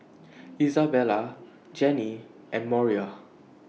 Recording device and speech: mobile phone (iPhone 6), read sentence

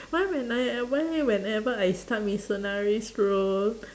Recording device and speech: standing microphone, conversation in separate rooms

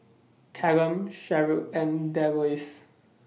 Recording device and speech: mobile phone (iPhone 6), read sentence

